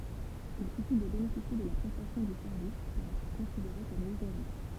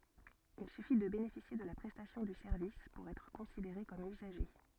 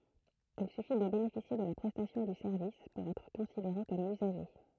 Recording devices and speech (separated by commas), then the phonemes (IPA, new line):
temple vibration pickup, soft in-ear microphone, throat microphone, read sentence
il syfi də benefisje də la pʁɛstasjɔ̃ dy sɛʁvis puʁ ɛtʁ kɔ̃sideʁe kɔm yzaʒe